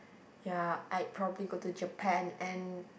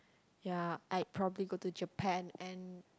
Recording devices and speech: boundary microphone, close-talking microphone, conversation in the same room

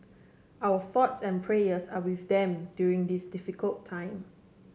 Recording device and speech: mobile phone (Samsung C7), read sentence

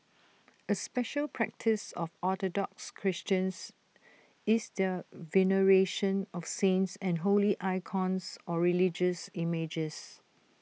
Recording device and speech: mobile phone (iPhone 6), read sentence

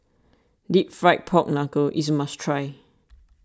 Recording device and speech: standing microphone (AKG C214), read sentence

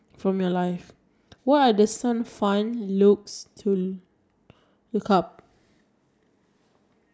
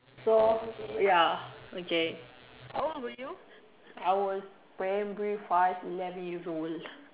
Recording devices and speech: standing microphone, telephone, conversation in separate rooms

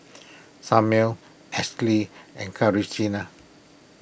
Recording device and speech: boundary microphone (BM630), read sentence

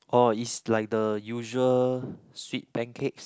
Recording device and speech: close-talking microphone, conversation in the same room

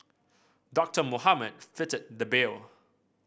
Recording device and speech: boundary microphone (BM630), read sentence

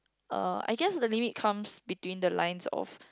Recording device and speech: close-talking microphone, conversation in the same room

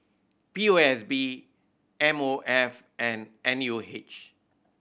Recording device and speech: boundary microphone (BM630), read sentence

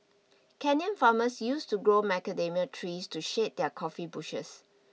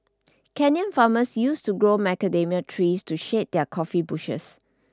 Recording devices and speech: mobile phone (iPhone 6), standing microphone (AKG C214), read sentence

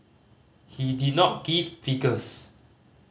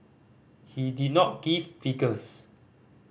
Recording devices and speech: mobile phone (Samsung C5010), boundary microphone (BM630), read sentence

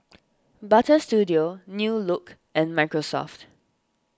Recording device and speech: standing microphone (AKG C214), read sentence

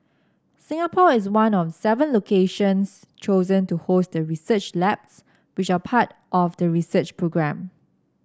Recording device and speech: standing microphone (AKG C214), read sentence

